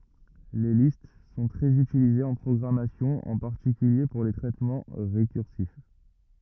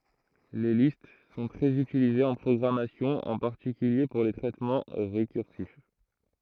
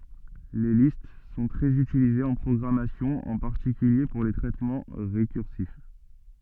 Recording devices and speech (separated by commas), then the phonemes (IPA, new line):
rigid in-ear microphone, throat microphone, soft in-ear microphone, read sentence
le list sɔ̃ tʁɛz ytilizez ɑ̃ pʁɔɡʁamasjɔ̃ ɑ̃ paʁtikylje puʁ le tʁɛtmɑ̃ ʁekyʁsif